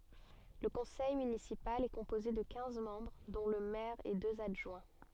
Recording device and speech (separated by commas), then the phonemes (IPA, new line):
soft in-ear microphone, read sentence
lə kɔ̃sɛj mynisipal ɛ kɔ̃poze də kɛ̃z mɑ̃bʁ dɔ̃ lə mɛʁ e døz adʒwɛ̃